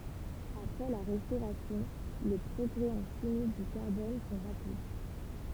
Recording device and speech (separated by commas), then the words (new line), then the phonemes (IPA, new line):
temple vibration pickup, read sentence
Après la Restauration, les progrès en chimie du carbone sont rapides.
apʁɛ la ʁɛstoʁasjɔ̃ le pʁɔɡʁɛ ɑ̃ ʃimi dy kaʁbɔn sɔ̃ ʁapid